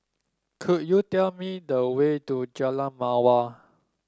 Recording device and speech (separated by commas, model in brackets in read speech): standing microphone (AKG C214), read sentence